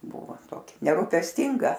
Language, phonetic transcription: Lithuanian, ˈbuvu ˈtoki nerupesˈtinga

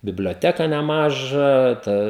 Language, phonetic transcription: Lithuanian, biblioˈteka neˈmažą ˈta

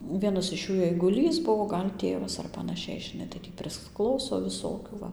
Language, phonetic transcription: Lithuanian, ˈvienas iš ˈjų eiguˈlys ˈbuo ˈgal' ˈtėvas ar panaˈšiai žiˈnai tai ˈtį prisˈklauso viˈsokių ˈva

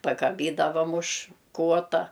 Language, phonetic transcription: Lithuanian, pakaˈbydavam už ˈkuota

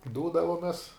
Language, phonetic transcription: Lithuanian, ˈdūdavomes

